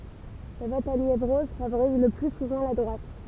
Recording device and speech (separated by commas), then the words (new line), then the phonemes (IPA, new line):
temple vibration pickup, read sentence
Le vote à Niévroz favorise le plus souvent la droite.
lə vɔt a njevʁɔz favoʁiz lə ply suvɑ̃ la dʁwat